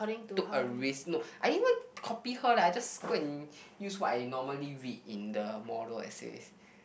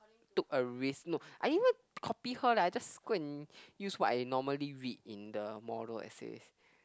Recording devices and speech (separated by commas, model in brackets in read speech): boundary microphone, close-talking microphone, conversation in the same room